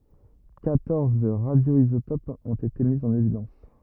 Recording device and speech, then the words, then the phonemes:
rigid in-ear microphone, read sentence
Quatorze radioisotopes ont été mis en évidence.
kwatɔʁz ʁadjoizotopz ɔ̃t ete mi ɑ̃n evidɑ̃s

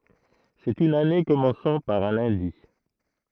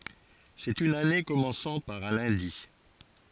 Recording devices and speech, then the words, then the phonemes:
throat microphone, forehead accelerometer, read sentence
C'est une année commençant par un lundi.
sɛt yn ane kɔmɑ̃sɑ̃ paʁ œ̃ lœ̃di

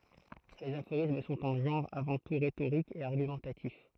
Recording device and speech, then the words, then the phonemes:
throat microphone, read sentence
Les aphorismes sont un genre avant tout rhétorique et argumentatif.
lez afoʁism sɔ̃t œ̃ ʒɑ̃ʁ avɑ̃ tu ʁetoʁik e aʁɡymɑ̃tatif

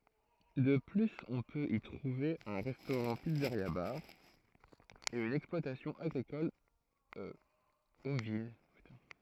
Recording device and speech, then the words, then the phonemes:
throat microphone, read sentence
De plus, on peut y trouver un restaurant-pizzeria-bar, et une exploitation agricole ovine.
də plyz ɔ̃ pøt i tʁuve œ̃ ʁɛstoʁɑ̃tpizzəʁjabaʁ e yn ɛksplwatasjɔ̃ aɡʁikɔl ovin

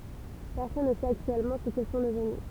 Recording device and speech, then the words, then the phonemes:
temple vibration pickup, read sentence
Personne ne sait actuellement ce qu'ils sont devenus.
pɛʁsɔn nə sɛt aktyɛlmɑ̃ sə kil sɔ̃ dəvny

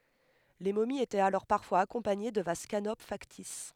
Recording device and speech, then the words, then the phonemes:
headset microphone, read sentence
Les momies étaient alors parfois accompagnées de vases canopes factices.
le momiz etɛt alɔʁ paʁfwaz akɔ̃paɲe də vaz kanop faktis

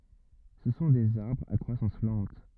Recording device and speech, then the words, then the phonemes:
rigid in-ear microphone, read sentence
Ce sont des arbres à croissance lente.
sə sɔ̃ dez aʁbʁz a kʁwasɑ̃s lɑ̃t

